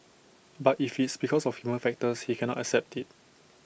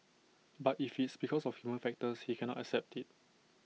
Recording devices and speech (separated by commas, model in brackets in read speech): boundary microphone (BM630), mobile phone (iPhone 6), read sentence